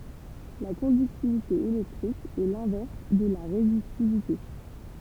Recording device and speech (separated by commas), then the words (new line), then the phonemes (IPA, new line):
temple vibration pickup, read sentence
La conductivité électrique est l'inverse de la résistivité.
la kɔ̃dyktivite elɛktʁik ɛ lɛ̃vɛʁs də la ʁezistivite